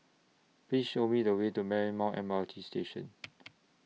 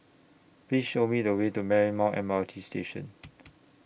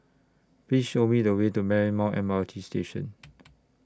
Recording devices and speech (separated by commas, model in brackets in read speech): mobile phone (iPhone 6), boundary microphone (BM630), standing microphone (AKG C214), read sentence